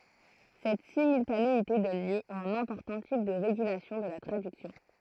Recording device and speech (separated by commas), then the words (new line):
throat microphone, read sentence
Cette simultanéité donne lieu à un important type de régulation de la traduction.